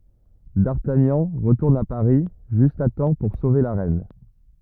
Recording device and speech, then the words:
rigid in-ear microphone, read sentence
D'Artagnan retourne à Paris juste à temps pour sauver la reine.

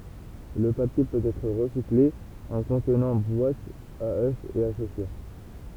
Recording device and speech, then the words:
temple vibration pickup, read sentence
Le papier peut être recyclé en contenants: boîtes à œufs et à chaussures.

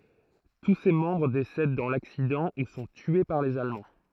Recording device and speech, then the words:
throat microphone, read sentence
Tous ses membres décèdent dans l’accident ou sont tués par les Allemands.

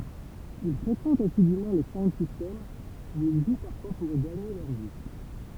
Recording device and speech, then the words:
temple vibration pickup, read sentence
Ils fréquentent assidûment les sound systems où ils jouent parfois pour gagner leur vie.

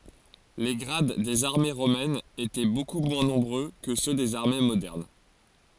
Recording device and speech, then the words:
forehead accelerometer, read sentence
Les grades des armées romaines étaient beaucoup moins nombreux que ceux des armées modernes.

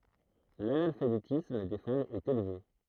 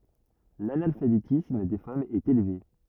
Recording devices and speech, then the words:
throat microphone, rigid in-ear microphone, read sentence
L'analphabétisme des femmes est élevé.

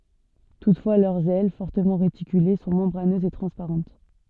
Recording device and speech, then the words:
soft in-ear microphone, read sentence
Toutefois, leurs ailes, fortement réticulées, sont membraneuses et transparentes.

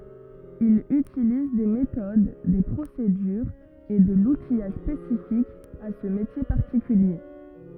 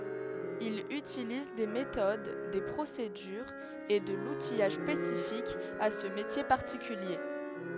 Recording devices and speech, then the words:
rigid in-ear microphone, headset microphone, read sentence
Il utilise des méthodes, des procédures et de l'outillage spécifique à ce métier particulier.

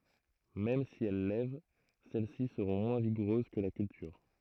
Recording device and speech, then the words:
throat microphone, read sentence
Même si elles lèvent, celle-ci seront moins vigoureuses que la culture.

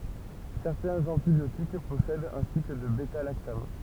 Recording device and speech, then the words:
temple vibration pickup, read sentence
Certains antibiotiques possèdent un cycle de bêta-lactame.

